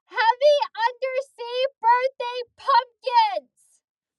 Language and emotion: English, angry